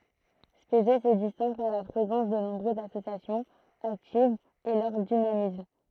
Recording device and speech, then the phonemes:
throat microphone, read sentence
spezɛ sə distɛ̃ɡ paʁ la pʁezɑ̃s də nɔ̃bʁøzz asosjasjɔ̃z aktivz e lœʁ dinamism

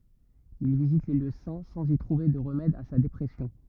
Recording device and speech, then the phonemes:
rigid in-ear microphone, read sentence
il vizit le ljø sɛ̃ sɑ̃z i tʁuve də ʁəmɛd a sa depʁɛsjɔ̃

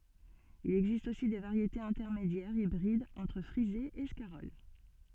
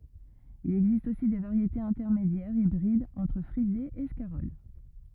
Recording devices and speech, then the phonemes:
soft in-ear microphone, rigid in-ear microphone, read sentence
il ɛɡzist osi de vaʁjetez ɛ̃tɛʁmedjɛʁz ibʁidz ɑ̃tʁ fʁize e skaʁɔl

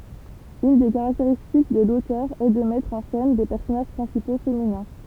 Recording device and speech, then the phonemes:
temple vibration pickup, read sentence
yn de kaʁakteʁistik də lotœʁ ɛ də mɛtʁ ɑ̃ sɛn de pɛʁsɔnaʒ pʁɛ̃sipo feminɛ̃

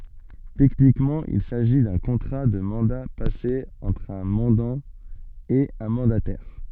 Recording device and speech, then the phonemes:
soft in-ear microphone, read sentence
tɛknikmɑ̃ il saʒi dœ̃ kɔ̃tʁa də mɑ̃da pase ɑ̃tʁ œ̃ mɑ̃dɑ̃ e œ̃ mɑ̃datɛʁ

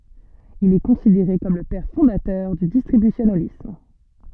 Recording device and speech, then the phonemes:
soft in-ear microphone, read sentence
il ɛ kɔ̃sideʁe kɔm lə pɛʁ fɔ̃datœʁ dy distʁibysjonalism

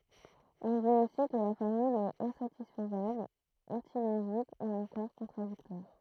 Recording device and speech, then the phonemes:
throat microphone, read sentence
ɔ̃ dit osi kə la fɔʁmyl ɛt ɛ̃satisfəzabl ɑ̃tiloʒik u ɑ̃kɔʁ kɔ̃tʁadiktwaʁ

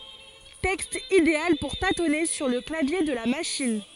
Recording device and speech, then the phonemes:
forehead accelerometer, read sentence
tɛkst ideal puʁ tatɔne syʁ lə klavje də la maʃin

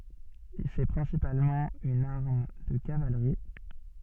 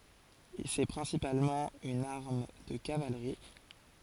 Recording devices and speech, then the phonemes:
soft in-ear microphone, forehead accelerometer, read sentence
sɛ pʁɛ̃sipalmɑ̃ yn aʁm də kavalʁi

